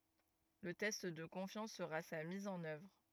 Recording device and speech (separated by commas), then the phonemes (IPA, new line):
rigid in-ear microphone, read sentence
lə tɛst də kɔ̃fjɑ̃s səʁa sa miz ɑ̃n œvʁ